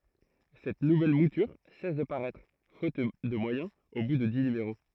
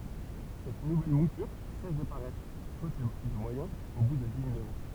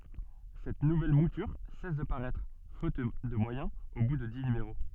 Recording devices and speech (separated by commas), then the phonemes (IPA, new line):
throat microphone, temple vibration pickup, soft in-ear microphone, read sentence
sɛt nuvɛl mutyʁ sɛs də paʁɛtʁ fot də mwajɛ̃z o bu də di nymeʁo